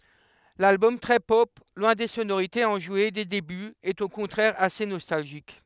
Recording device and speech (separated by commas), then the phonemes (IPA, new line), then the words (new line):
headset microphone, read sentence
lalbɔm tʁɛ pɔp lwɛ̃ de sonoʁitez ɑ̃ʒwe de debyz ɛt o kɔ̃tʁɛʁ ase nɔstalʒik
L'album très pop, loin des sonorités enjouées des débuts, est au contraire assez nostalgique.